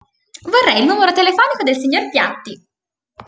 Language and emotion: Italian, happy